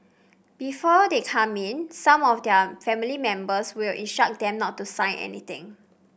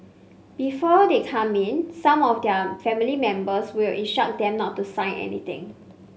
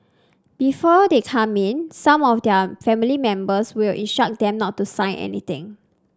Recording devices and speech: boundary microphone (BM630), mobile phone (Samsung C5), standing microphone (AKG C214), read sentence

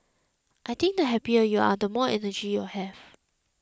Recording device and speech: close-talking microphone (WH20), read sentence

